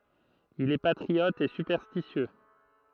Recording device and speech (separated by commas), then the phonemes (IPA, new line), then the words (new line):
throat microphone, read sentence
il ɛ patʁiɔt e sypɛʁstisjø
Il est patriote et superstitieux.